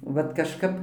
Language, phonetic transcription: Lithuanian, ˈvat kažˈkap

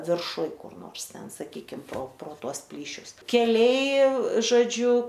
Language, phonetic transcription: Lithuanian, virˈšuj kur ˈnors ˈten saˈkykim pro pro ˈtuos ˈplyšius keˈliai žoˈdžiu

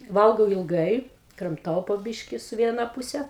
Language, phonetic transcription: Lithuanian, ˈvalgau ilˈgai kramˈtau po ˈbiški su ˈviena ˈpuse

